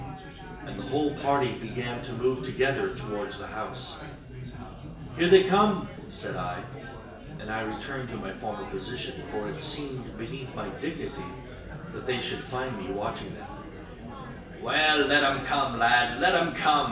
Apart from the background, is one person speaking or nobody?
One person.